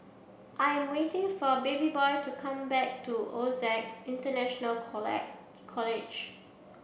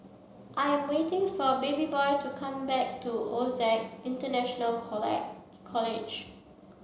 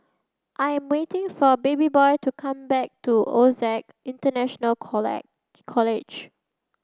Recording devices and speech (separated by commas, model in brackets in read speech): boundary microphone (BM630), mobile phone (Samsung C7), close-talking microphone (WH30), read sentence